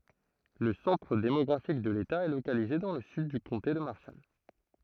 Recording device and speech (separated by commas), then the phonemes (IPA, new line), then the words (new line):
throat microphone, read sentence
lə sɑ̃tʁ demɔɡʁafik də leta ɛ lokalize dɑ̃ lə syd dy kɔ̃te də maʁʃal
Le centre démographique de l'État est localisé dans le sud du comté de Marshall.